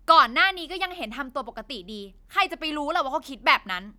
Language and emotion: Thai, angry